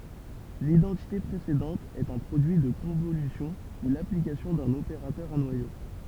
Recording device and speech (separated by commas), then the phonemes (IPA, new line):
temple vibration pickup, read sentence
lidɑ̃tite pʁesedɑ̃t ɛt œ̃ pʁodyi də kɔ̃volysjɔ̃ u laplikasjɔ̃ dœ̃n opeʁatœʁ a nwajo